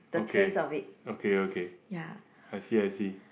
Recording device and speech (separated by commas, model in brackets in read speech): boundary microphone, conversation in the same room